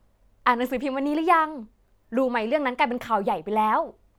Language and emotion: Thai, happy